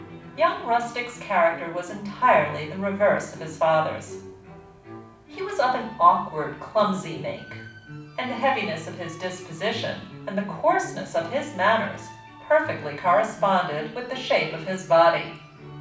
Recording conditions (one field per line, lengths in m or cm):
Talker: one person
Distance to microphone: 5.8 m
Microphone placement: far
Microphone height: 1.8 m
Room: medium-sized (5.7 m by 4.0 m)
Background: music